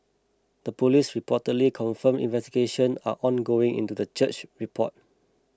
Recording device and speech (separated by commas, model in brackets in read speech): close-talking microphone (WH20), read sentence